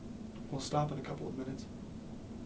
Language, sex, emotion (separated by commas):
English, male, sad